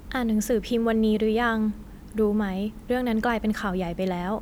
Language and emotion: Thai, neutral